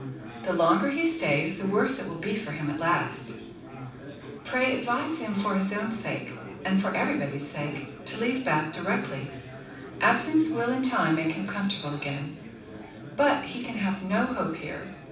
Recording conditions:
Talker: one person; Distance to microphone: 5.8 m; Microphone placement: far; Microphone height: 1.8 m; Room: medium-sized (5.7 m by 4.0 m); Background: babble

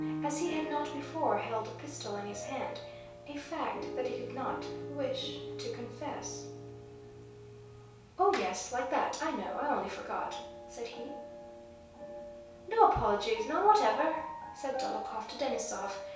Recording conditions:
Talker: one person; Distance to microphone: 3.0 m; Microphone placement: far; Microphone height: 1.8 m; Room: small (3.7 m by 2.7 m); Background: music

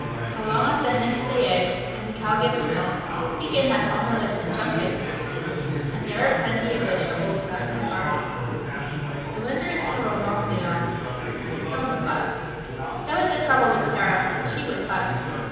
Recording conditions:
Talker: one person; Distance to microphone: 7.1 m; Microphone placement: far; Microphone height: 1.7 m; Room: very reverberant, large; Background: babble

